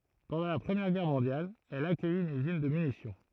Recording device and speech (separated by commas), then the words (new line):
throat microphone, read sentence
Pendant la Première Guerre mondiale, elle accueille une usine de munitions.